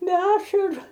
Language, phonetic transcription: Lithuanian, be ˈašaru

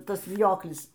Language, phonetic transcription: Lithuanian, ˈtas viˈjoklis

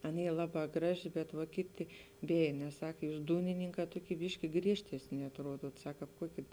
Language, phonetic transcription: Lithuanian, ˈan ˈy ˈlaˌbā ˈgraˌži bet va ˈkiˌti ˈbėj nes ˈsak ˈjūs ˈdūnininˌkā ˈtoˌky ˈbiški ˈgriežtesni atˈruoduot ˈsak ˈkāp ˈkuoki

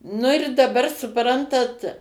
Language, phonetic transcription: Lithuanian, ˈnu ir daˈbar suˈprantat

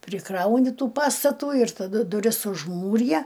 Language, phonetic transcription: Lithuanian, priˈkrauni ˈtų ˈpastatų ir taˈdu duˈris užˈmūrija

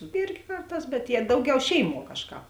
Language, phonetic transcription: Lithuanian, ˈirgi ˈkarˌtās bet jie ˈdauˌgiau ˈšeiˌmuo ˈkažˌkāp

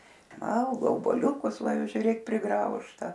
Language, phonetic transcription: Lithuanian, ˈvalgo obuoˈliukus ˈva ˈjau žiuˈrėk priˈgraužta

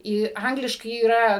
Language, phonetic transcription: Lithuanian, ˈį ˈangliškai yˈra

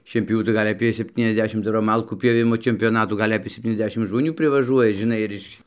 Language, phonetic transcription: Lithuanian, šienpjoˈvių tai ˈgal' aˈpė sepˌtyniasˈdešim ˈdar va ˈmalkų pjoˈvimo čempioˈnatų ˈgal' apė sepˌtyniasˈdešim žmoˈnių privaˈžuoja žiˈnai ir ˈiš

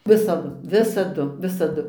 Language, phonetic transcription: Lithuanian, ˈvisadu ˈvisadu ˈvisadu

